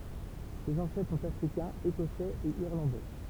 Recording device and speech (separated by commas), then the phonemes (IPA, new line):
temple vibration pickup, read sentence
sez ɑ̃sɛtʁ sɔ̃t afʁikɛ̃z ekɔsɛz e iʁlɑ̃dɛ